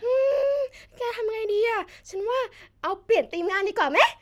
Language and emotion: Thai, happy